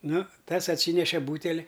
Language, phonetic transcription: Lithuanian, ˈnu ˈtas atˈsyneše ˈbūteli

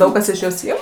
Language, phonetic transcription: Lithuanian, ˈdaug kas iš ˈjos ˈim

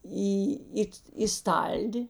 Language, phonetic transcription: Lithuanian, ˈį ˈit į ˈstaldi

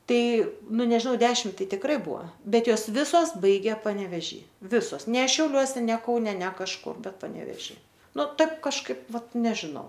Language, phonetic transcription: Lithuanian, ˈtai nu nežiˈnau ˈdešim ˈtai tikˈrai ˈbua ˈbet ˈjos ˈvisos ˈbaigė paneveˈžy ˈvisos ne šiauˈliuose ne ˈkaune ne kažˈkur ˈbet paneveˈžy ˈnu ˈtaip kažˈkaip ˈvat ˈnežinau

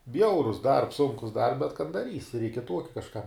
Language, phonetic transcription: Lithuanian, ˈbjaurus darbs ˈsunkus dar bet kan daˈrysi reik i ˈtuoki kažˈkam

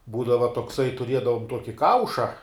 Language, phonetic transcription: Lithuanian, ˈbūdava tokˈsai tuˈriedavom ˈtuoki ˈkauša

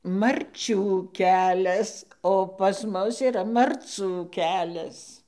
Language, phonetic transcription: Lithuanian, marˈčių ˈkelias o pas ˈmus yˈra marˈcų ˈkelias

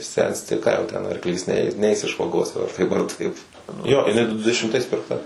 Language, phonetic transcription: Lithuanian, ˈsensti ˈką jau ˈten arkˈlys ˈnei ˈneis iš vaˈgos jau ar ˈtaip ar ˈtaip ˈjo iˈnai ˈdu dešimˈtais pirkˈta

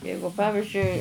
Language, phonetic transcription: Lithuanian, ˈjeigu ˈpavižiui

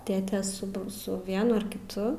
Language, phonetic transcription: Lithuanian, ˈtėtė su b ˈsu ˈvienu ar kiˈtu

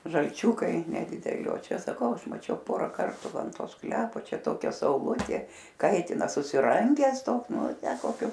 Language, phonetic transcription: Lithuanian, žalˈčiūkai nedideˈli o ˈčia saˈkau ˈaš maˈčiau ˈpora ˈkartu ˈva an ˈto ˈsklepo ˈčia ˈtokia sauˈlutė ˈkaitina susiˈrangęs ˈtoks ˈnu ˈtę koˈkiu

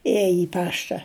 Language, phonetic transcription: Lithuanian, ˈėje i ˈpašta

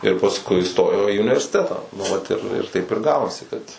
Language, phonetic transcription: Lithuanian, ir pasˈkui iˈstojo į universiˈtetą nu ˈvat ir ir ˈtaip ir ˈgavosi ˈkad

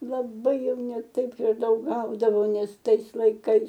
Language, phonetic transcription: Lithuanian, laˈbai ˈjau ne ˈtaip ir ˈdaug ˈgaudavo ˈnes ˈtais laiˈkais

